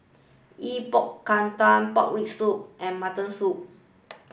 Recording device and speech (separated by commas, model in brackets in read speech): boundary microphone (BM630), read sentence